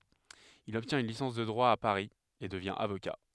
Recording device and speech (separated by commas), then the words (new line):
headset microphone, read sentence
Il obtient une licence de droit à Paris et devient avocat.